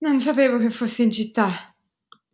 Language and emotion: Italian, surprised